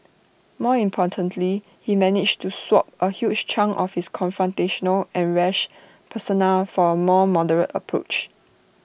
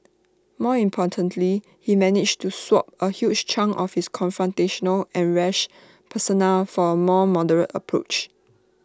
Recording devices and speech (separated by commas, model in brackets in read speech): boundary microphone (BM630), standing microphone (AKG C214), read sentence